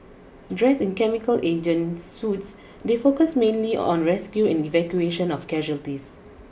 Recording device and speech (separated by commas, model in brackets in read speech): boundary microphone (BM630), read sentence